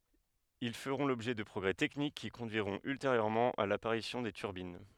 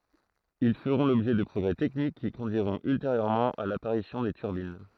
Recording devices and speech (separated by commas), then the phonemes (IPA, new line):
headset microphone, throat microphone, read sentence
il fəʁɔ̃ lɔbʒɛ də pʁɔɡʁɛ tɛknik ki kɔ̃dyiʁɔ̃t ylteʁjøʁmɑ̃ a lapaʁisjɔ̃ de tyʁbin